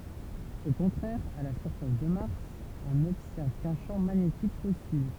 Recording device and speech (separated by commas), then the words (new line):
temple vibration pickup, read sentence
Au contraire, à la surface de Mars, on n'observe qu'un champ magnétique fossile.